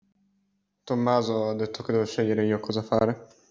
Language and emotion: Italian, neutral